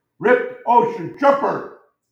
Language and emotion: English, disgusted